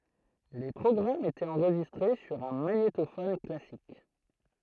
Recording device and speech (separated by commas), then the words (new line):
throat microphone, read sentence
Les programmes étaient enregistrés sur un magnétophone classique.